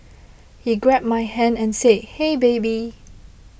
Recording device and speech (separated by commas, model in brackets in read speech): boundary microphone (BM630), read sentence